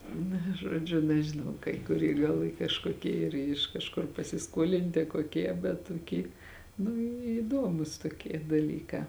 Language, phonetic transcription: Lithuanian, ˈna ˈžodžiu nežiˈnau kai kuˈrie gal ˈy kažkoˈkie ˈyr iš kažˈkur pasiˈskuolinti koˈkie bet tuˈky nu įˈdomus toˈkie daˈlykā

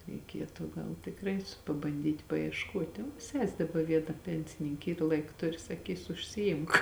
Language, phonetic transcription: Lithuanian, reiˈkietu ˈgal tikˈrai pabanˈdyt' paiešˈkuot' o ˈses' daˈba ˈviena ˈpensinink' ˈyr ˈlaik ˈturi saˈkysu užsiˈimk

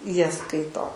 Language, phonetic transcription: Lithuanian, ˈjie ˈskaito

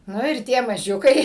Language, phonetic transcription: Lithuanian, ˈnu ir ˈtie maˈžiukai

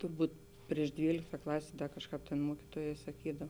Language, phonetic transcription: Lithuanian, turˈbūt ˈprieš ˈdvylikta ˈklasė ˈkažˌkāp tėn ˈmuokituojē saˈkydav

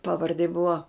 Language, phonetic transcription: Lithuanian, ˈpaˈvardė ˈbuva

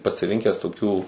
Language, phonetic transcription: Lithuanian, pasiˈrinkes tuˈkių

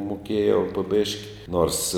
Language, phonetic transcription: Lithuanian, muˈkėjau po ˈbėški nors

